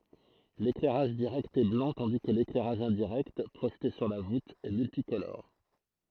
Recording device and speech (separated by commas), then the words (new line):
throat microphone, read sentence
L'éclairage direct est blanc tandis que l'éclairage indirect, projeté sur la voûte, est multicolore.